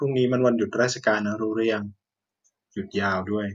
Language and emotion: Thai, neutral